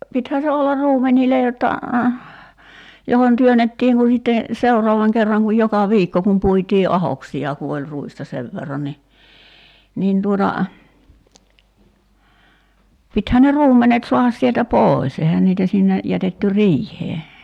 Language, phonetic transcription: Finnish, 'pithään̬ se 'ollar "ruumeńìle jotta , johon 'työnettiiŋ ku sitte , "seurɔavaŋ 'kerraŋ kuj 'joka "viikko kum 'puitii "’ahoksi₍a ku oĺ 'ruista 'sev verran ni , 'nin tuota , 'pithän ne "ruummenet 'so̭ahas sieltä "pòis 'ehän niitä sinne , 'jätetty "riih̀ee .
- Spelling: pitihän se olla ruumenille jotta johon työnnettiin kun sitten seuraavan kerran kun joka viikko kun puitiin ahdoksia kun oli ruista sen verran niin niin tuota pitihän ne ruumenet saada sieltä pois eihän niitä sinne jätetty riiheen

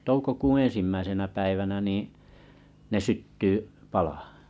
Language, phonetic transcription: Finnish, toukokuuṵ 'eḛnsimmäisenä päivänä nii , ne 'sytty , 'palahᴀ .
- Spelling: toukokuun ensimmäisenä päivänä niin ne syttyy palamaan

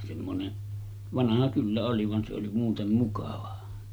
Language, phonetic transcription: Finnish, semmone , 'vanaha kyllä oli van se oli 'muutem mukava .
- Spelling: semmoinen vanha kyllä oli vaan se oli muuten mukava

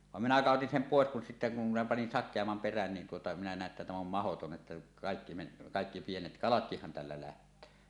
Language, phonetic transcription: Finnish, vam minä 'kàotin sem 'pòes kun sittä kum minä panin "sak̆keammam 'perän nin tuota minä nä̀e ‿ttä täm ‿om "mahoton ’että , 'kàekki men- , 'kàekki 'pienet "kalatkihhan tällä 'läht̀öö .
- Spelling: vaan minä kadotin sen pois kun sitten kun minä panin sakeamman perän niin tuota minä näin että tämä on mahdoton että kaikki - kaikki pienet kalatkinhan tällä lähtee

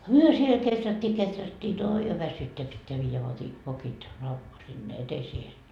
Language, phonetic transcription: Finnish, "myö siel 'keträttii 'keträttii ooi jo 'väsytteä 'pitteä viijä 'vokit , lau- , sinne 'eteseehen .
- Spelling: me siellä kehrättiin kehrättiin oi jo väsyttää pitää viedä vokit - sinne eteiseen

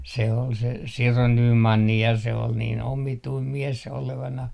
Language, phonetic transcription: Finnish, se ol se , 'Siro 'Nyymanni ja se ol niin 'omituim "mies olevanah .
- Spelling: se oli se Siro Nyman ja se oli niin omituinen mies olevinaan

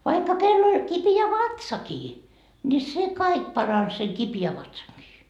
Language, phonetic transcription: Finnish, vaikka 'kell ‿oĺ kipi₍ä "vatsakii , ńi 'se "kaik parans seŋ 'kipi₍ä 'vatsaŋkii .
- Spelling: vaikka kenellä oli kipeä vatsakin niin se kaikki paransi sen kipeän vatsankin

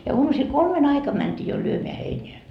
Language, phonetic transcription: Finnish, ja 'uamusil "kolme'n ‿aikam mänt́ii jo 'lyömeä 'heineä .
- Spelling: ja aamusilla kolmen aikana mentiin jo lyömään heinää

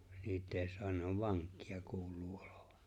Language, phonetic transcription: Finnish, 'niit eeⁱ 'soan ne ‿ov "vaŋk̆kɪᴀ kul̀uu 'olᴏᴠᴀ .
- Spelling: niitä ei saa ne on vankeja kuuluu olevan

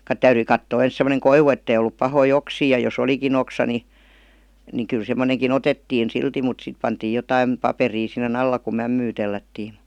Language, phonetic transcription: Finnish, ka- "täyryi kattoo 'ens semoneŋ "koivu ettei ollup 'pahoi ''oksii ja jo's ‿oliki'n ‿oksa ni ni 'kyl 'semmoneŋki"n ‿otettiin 'silti mut 'sit pantiij̆ 'jotaim , 'paperii sin̆ne'n ‿alla ku 'mämmyy tellättiim mU .
- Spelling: - täytyi katsoa ensin semmoinen koivu että ei ollut pahoja oksia ja jos olikin oksa niin niin kyllä semmoinenkin otettiin silti mutta sitten pantiin jotakin paperia sinne alla kun mämmiä tellättiin -

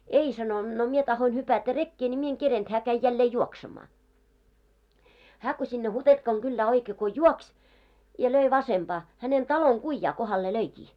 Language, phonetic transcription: Finnish, » 'ei « sano , » no 'mie tahoin hypätä "rekkee ńi mie eŋ 'kerent , 'hää käi jällee 'juoksemaa. « hää ko sinne 'Hutentkaŋ 'ɢyllää oikee ko "juokś , ja 'löi 'vasemʙaa , hänen 'taloŋ 'ɢuⁱjjaa kohalle 'löikii .
- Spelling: ei sanoi no minä tahdoin hypätä rekeen niin minä en kerinnyt hän kävi jälleen juoksemaan hän kun sinne Hutentkan kylään oikein kun juoksi ja löi vasempaan hänen talon kujaa kohdalle löikin

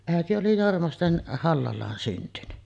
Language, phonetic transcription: Finnish, 'ä̀eti oli 'Jormasten "Hallal̀aan syntyny .
- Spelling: äiti oli Jormasten Hallalaan syntynyt

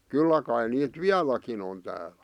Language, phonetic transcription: Finnish, 'kyllä kai niit "viäläkin ‿on täälᴀ̈ .
- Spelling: kyllä kai niitä vieläkin on täällä

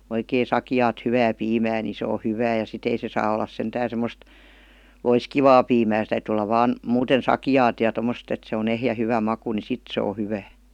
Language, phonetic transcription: Finnish, oikee "sakⁱjaat 'hyvää 'piimää ni se o 'hyvää ja 'sit ‿ei se saa ollas 'sentään̬ sem̆most , "loiskivaa piimää se täytỳ olla 'vaan , 'muuten "sakijaat ja 'tommost ‿et se on 'ehjä hyvä maku ni 'sit se o 'hyvää .
- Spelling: oikein sakeaa hyvää piimää niin se on hyvää ja sitten ei se saa olla sentään semmoista loiskivaa piimää se täytyy olla vain muuten sakeaa ja tuommoista että se on ehjä hyvä maku niin sitten se on hyvää

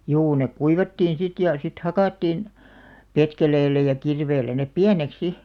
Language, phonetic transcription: Finnish, 'juu nek "kuivattiin 'sit ja , 'sit "hakàttiin , 'petkeleellä ja 'kirveellä aep "piänek "si .
- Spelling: juu ne kuivattiin sitten ja sitten hakattiin petkeleellä ja kirveellä ne pieneksi sitten

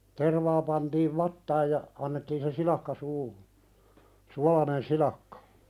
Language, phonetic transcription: Finnish, 'tervaa pantiiv "vattaaj ja , annettiin se "silakka suuhu , "sualanen 'silakkᴀ .
- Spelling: tervaa pantiin vatsaan ja annettiin se silakka suuhun suolainen silakka

